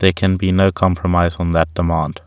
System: none